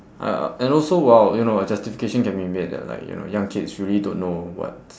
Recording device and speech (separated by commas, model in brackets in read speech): standing microphone, conversation in separate rooms